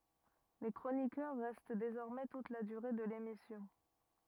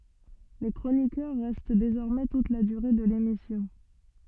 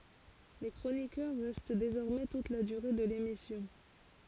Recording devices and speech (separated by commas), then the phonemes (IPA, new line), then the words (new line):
rigid in-ear microphone, soft in-ear microphone, forehead accelerometer, read sentence
le kʁonikœʁ ʁɛst dezɔʁmɛ tut la dyʁe də lemisjɔ̃
Les chroniqueurs restent désormais toute la durée de l'émission.